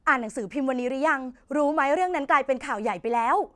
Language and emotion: Thai, happy